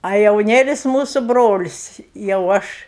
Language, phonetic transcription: Lithuanian, a jauˈnėlis ˈmūsu ˈbrolis jau ˈaš

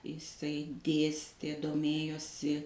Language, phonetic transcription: Lithuanian, iˈsai ˈdėstė doˈmėjosi

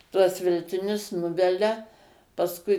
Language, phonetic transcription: Lithuanian, ˈtuos veltiˈnius ˈnuvelia pasˈkui

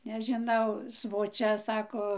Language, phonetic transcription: Lithuanian, nežiˈnau svoˈčia ˈsako

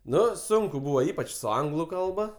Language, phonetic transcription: Lithuanian, ˈnu ˈsunku ˈbūvo ˈypač su ˈanglu ˈkalba

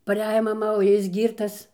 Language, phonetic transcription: Lithuanian, paˈrejo maˈma o ˈjis ˈgyrtas

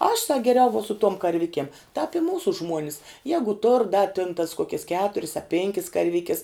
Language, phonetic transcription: Lithuanian, aš sak geˈriau vuo su tuom karˈvikiem tāp i ˈmūsu ˈžmuonis ˈjegu tur da tin tas ˈkokias ˈketuris a ˈpenkis karˈvikis

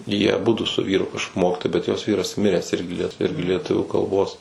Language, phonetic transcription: Lithuanian, ˈjie aˈbudu su ˈvyru kaš ˈmokitojai bet jos ˈvyras ˈmiręs ˈirgi ˈliet ˈirgi lieˈtuvių kalˈbos

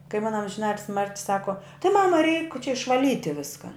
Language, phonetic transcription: Lithuanian, kai ˈmuna amžiˈnatilsi ˈmarti ˈsako ti ˈmama reik čia išvaˈlyti ˈviska

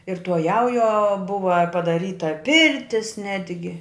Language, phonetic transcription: Lithuanian, ir tuo ˈjaujuo ˈbuva padaˈryta ˈpirtis ˈnetgi

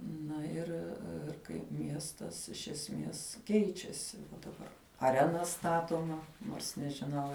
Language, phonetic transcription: Lithuanian, ˈna ir ir kaip ˈmiestas iš esˈmės ˈkeičiasi daˈbar aˈrena ˈstatoma nors nežiˈnau

